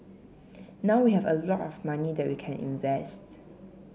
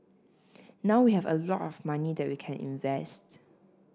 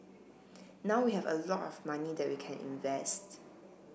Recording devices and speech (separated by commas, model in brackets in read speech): mobile phone (Samsung C7), standing microphone (AKG C214), boundary microphone (BM630), read sentence